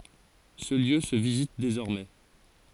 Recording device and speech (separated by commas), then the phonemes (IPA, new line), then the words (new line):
forehead accelerometer, read sentence
sə ljø sə vizit dezɔʁmɛ
Ce lieu se visite désormais.